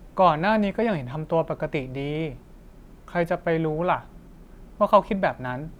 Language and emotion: Thai, neutral